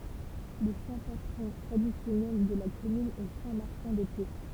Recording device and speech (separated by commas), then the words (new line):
temple vibration pickup, read sentence
Le saint patron traditionnel de la commune est saint Martin de Tours.